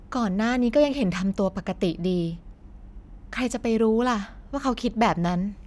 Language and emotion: Thai, frustrated